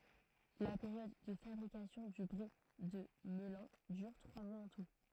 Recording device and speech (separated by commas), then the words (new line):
throat microphone, read sentence
La période de fabrication du Brie de Melun dure trois mois en tout.